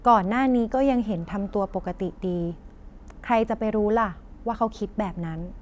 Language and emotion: Thai, neutral